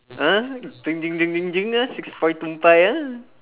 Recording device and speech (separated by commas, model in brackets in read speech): telephone, conversation in separate rooms